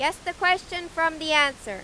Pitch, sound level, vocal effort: 325 Hz, 97 dB SPL, very loud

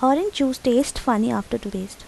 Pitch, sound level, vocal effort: 250 Hz, 81 dB SPL, soft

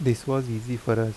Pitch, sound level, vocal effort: 120 Hz, 80 dB SPL, soft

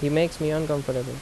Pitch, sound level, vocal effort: 145 Hz, 82 dB SPL, normal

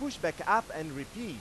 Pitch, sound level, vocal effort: 170 Hz, 99 dB SPL, very loud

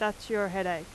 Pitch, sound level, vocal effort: 200 Hz, 87 dB SPL, very loud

